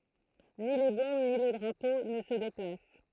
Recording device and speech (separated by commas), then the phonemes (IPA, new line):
throat microphone, read sentence
ni le bɔ̃b ni lə dʁapo nə sə deplas